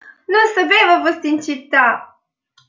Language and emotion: Italian, happy